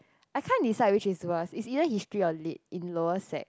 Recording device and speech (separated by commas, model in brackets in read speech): close-talking microphone, conversation in the same room